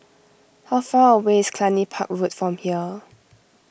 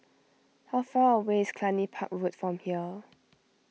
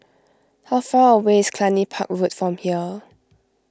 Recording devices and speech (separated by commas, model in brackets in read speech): boundary microphone (BM630), mobile phone (iPhone 6), close-talking microphone (WH20), read sentence